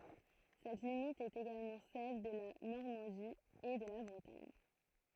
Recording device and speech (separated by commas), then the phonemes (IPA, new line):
throat microphone, read sentence
sɛt limit ɛt eɡalmɑ̃ sɛl də la nɔʁmɑ̃di e də la bʁətaɲ